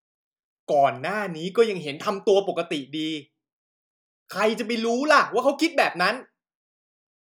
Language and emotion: Thai, angry